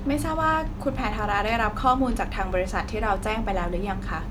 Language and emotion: Thai, neutral